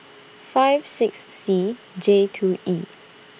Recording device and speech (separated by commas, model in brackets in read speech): boundary microphone (BM630), read sentence